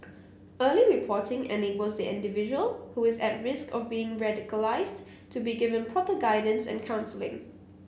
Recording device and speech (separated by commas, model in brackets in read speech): boundary microphone (BM630), read sentence